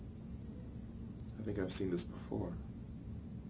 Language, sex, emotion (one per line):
English
male
neutral